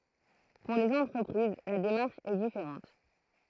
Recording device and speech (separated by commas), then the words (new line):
throat microphone, read sentence
Pour les entreprises, la démarche est différente.